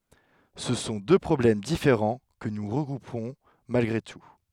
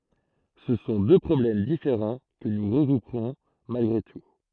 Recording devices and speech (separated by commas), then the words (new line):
headset microphone, throat microphone, read sentence
Ce sont deux problèmes différents que nous regrouperons malgré tout.